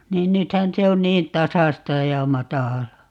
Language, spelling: Finnish, niin nythän se on niin tasaista ja matalaa
- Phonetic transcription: 'niin 'nythän 'se on 'niin "tasasta ja 'matàl̀aa .

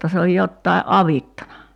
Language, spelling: Finnish, jotta se on jotakin avittanut
- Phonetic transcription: 'jotta se oj 'jottai’ "’avittana .

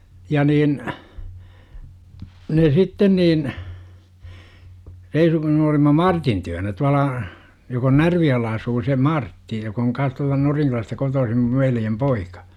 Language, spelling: Finnish, ja niin ne sitten niin reisunkin olimme Martin luona tuolla joka on Närvijoella asuu se Martti joka on kanssa tuolta Norinkylästä kotoisin minun veljen poika
- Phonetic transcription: ja niin , ne 'sitten niin , reisukin olima "Martin työnä 'tuala , jok ‿on "Närvijo₍ella asuu se "Martti jok ‿oŋ kans tualta 'Noriŋkylästä 'kotoosim mUv veljem "poikA .

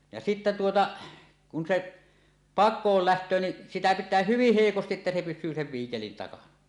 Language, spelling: Finnish, ja sitten tuota kun se pakoon lähtee niin sitä pitää hyvin heikosti että se pysyy sen viikelin takana
- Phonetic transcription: ja sittä 'tuota , kun se , "pak̆kool 'läht̀öö ni , 'sitä pit̆tää "hyvih "hèikostiˀ ˀettä se 'pys̆syy sev viikelin takana .

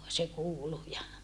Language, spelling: Finnish, se kuului ja
- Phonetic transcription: se kuulu ja ,.

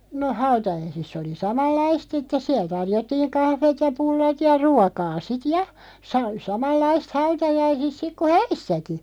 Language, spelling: Finnish, no hautajaisissa oli samanlaista sitten siellä tarjottiin kahvit ja pullat ja ruokaa sitten ja - samanlaista hautajaisissa sitten kuin häissäkin
- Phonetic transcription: no 'hautajaisiss ‿oli "samallaist sittes 'siäl 'tarjottiiŋ 'kahveet ja 'pullat ja 'ruakaa 'sit "ja , sa- 'samallaist 'hautajaisis 'sik ku "häissäki .

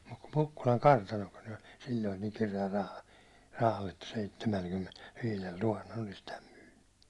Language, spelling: Finnish, mutta kun Mukkulan kartanokin oli silloin niin kireällä - rahalla että seitsemälläkymmenelläviidellä tuhannella olisi tämän myynyt
- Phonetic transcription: mut ku 'Mukkulaŋ "kartanokin ol sil̜l̜oin niin kire₍äl raha- , rahal että 'seittemälkymmenel'viilel 'tuhannel olis täm myynny .

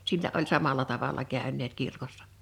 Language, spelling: Finnish, sillä oli samalla tavalla käyneet kirkossa
- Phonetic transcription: sillä ’oĺ 'samalà 'tavala 'kä̀ön̆neet 'kirkossᴀ .

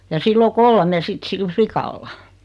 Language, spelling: Finnish, ja sillä on kolme sitten sillä likalla
- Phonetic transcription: ja 'sill ‿o "kolme 'sit sil "flikalla , .

